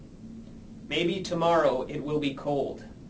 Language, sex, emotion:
English
male
neutral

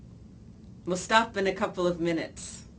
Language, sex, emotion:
English
female
neutral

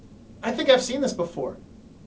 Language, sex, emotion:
English
male
neutral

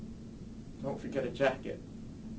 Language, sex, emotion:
English
male
neutral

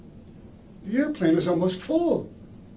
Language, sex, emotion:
English
male
fearful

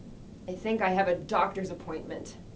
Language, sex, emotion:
English
female
fearful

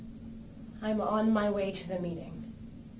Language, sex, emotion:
English
female
neutral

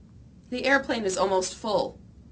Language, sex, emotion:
English
female
neutral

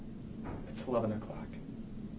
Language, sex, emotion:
English
male
neutral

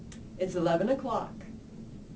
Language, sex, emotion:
English
female
neutral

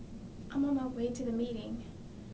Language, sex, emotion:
English
female
sad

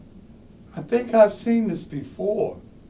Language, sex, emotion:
English
male
neutral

